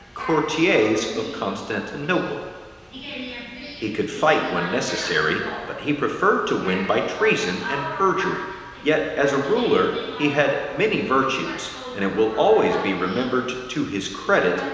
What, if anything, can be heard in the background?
A television.